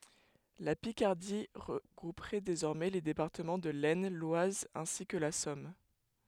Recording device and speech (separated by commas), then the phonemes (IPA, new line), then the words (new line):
headset microphone, read sentence
la pikaʁdi ʁəɡʁupʁɛ dezɔʁmɛ le depaʁtəmɑ̃ də lɛsn lwaz ɛ̃si kə la sɔm
La Picardie regrouperait désormais les départements de l'Aisne, l'Oise ainsi que la Somme.